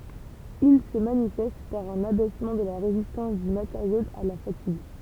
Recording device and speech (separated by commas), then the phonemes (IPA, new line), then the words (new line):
temple vibration pickup, read sentence
il sə manifɛst paʁ œ̃n abɛsmɑ̃ də la ʁezistɑ̃s dy mateʁjo a la fatiɡ
Il se manifeste par un abaissement de la résistance du matériau à la fatigue.